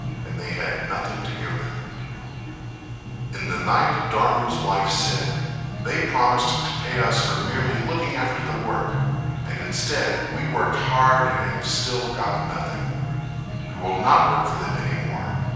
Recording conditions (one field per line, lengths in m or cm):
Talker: one person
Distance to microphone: 7.1 m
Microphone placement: far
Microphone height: 1.7 m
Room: very reverberant, large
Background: music